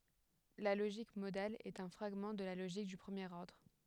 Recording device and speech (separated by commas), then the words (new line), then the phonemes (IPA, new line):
headset microphone, read sentence
La logique modale est un fragment de la logique du premier ordre.
la loʒik modal ɛt œ̃ fʁaɡmɑ̃ də la loʒik dy pʁəmjeʁ ɔʁdʁ